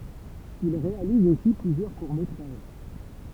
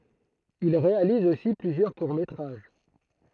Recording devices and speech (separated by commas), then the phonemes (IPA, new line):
temple vibration pickup, throat microphone, read sentence
il ʁealiz osi plyzjœʁ kuʁ metʁaʒ